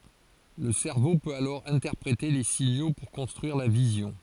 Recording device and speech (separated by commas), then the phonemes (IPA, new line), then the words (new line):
forehead accelerometer, read sentence
lə sɛʁvo pøt alɔʁ ɛ̃tɛʁpʁete le siɲo puʁ kɔ̃stʁyiʁ la vizjɔ̃
Le cerveau peut alors interpréter les signaux pour construire la vision.